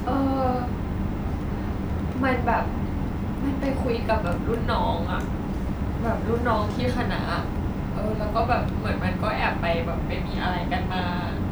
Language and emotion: Thai, sad